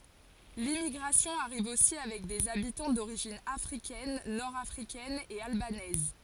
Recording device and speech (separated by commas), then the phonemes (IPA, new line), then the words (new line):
forehead accelerometer, read sentence
limmiɡʁasjɔ̃ aʁiv osi avɛk dez abitɑ̃ doʁiʒin afʁikɛn nɔʁ afʁikɛn e albanɛz
L'immigration arrive aussi avec des habitants d'origine africaine, nord africaine et albanaise.